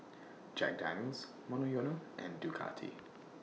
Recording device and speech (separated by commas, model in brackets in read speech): mobile phone (iPhone 6), read sentence